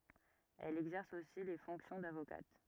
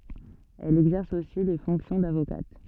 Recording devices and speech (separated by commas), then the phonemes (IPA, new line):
rigid in-ear microphone, soft in-ear microphone, read sentence
ɛl ɛɡzɛʁs osi le fɔ̃ksjɔ̃ davokat